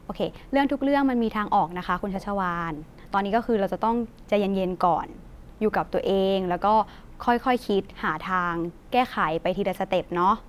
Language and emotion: Thai, neutral